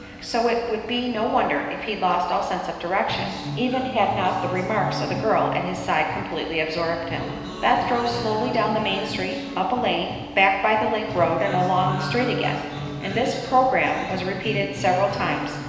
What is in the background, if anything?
Music.